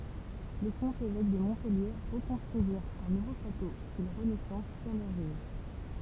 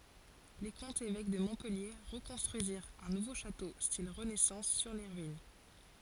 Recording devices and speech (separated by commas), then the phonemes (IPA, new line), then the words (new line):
temple vibration pickup, forehead accelerometer, read sentence
le kɔ̃tz evɛk də mɔ̃pɛlje ʁəkɔ̃stʁyiziʁt œ̃ nuvo ʃato stil ʁənɛsɑ̃s syʁ le ʁyin
Les comtes évêques de Montpellier reconstruisirent un nouveau château style Renaissance sur les ruines.